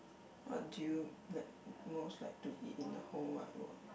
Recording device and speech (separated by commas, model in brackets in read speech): boundary microphone, conversation in the same room